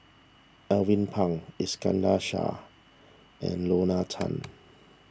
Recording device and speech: standing microphone (AKG C214), read sentence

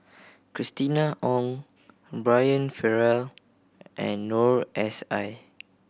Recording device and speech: boundary microphone (BM630), read sentence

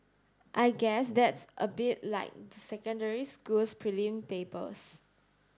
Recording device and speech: standing microphone (AKG C214), read sentence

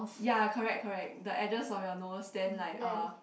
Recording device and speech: boundary microphone, conversation in the same room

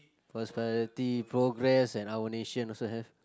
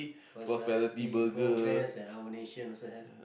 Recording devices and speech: close-talking microphone, boundary microphone, conversation in the same room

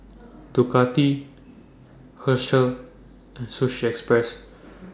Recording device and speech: standing microphone (AKG C214), read sentence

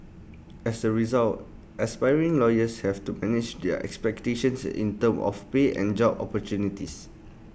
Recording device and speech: boundary microphone (BM630), read sentence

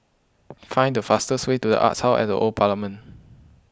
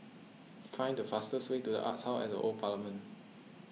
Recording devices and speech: close-talking microphone (WH20), mobile phone (iPhone 6), read sentence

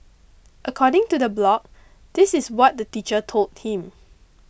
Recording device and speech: boundary microphone (BM630), read sentence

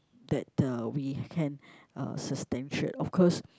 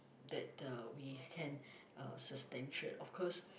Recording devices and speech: close-talking microphone, boundary microphone, conversation in the same room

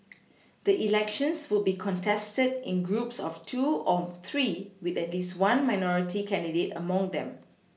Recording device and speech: mobile phone (iPhone 6), read sentence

